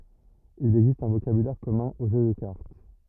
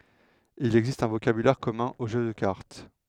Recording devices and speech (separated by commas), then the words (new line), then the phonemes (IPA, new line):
rigid in-ear microphone, headset microphone, read sentence
Il existe un vocabulaire commun aux jeux de cartes.
il ɛɡzist œ̃ vokabylɛʁ kɔmœ̃ o ʒø də kaʁt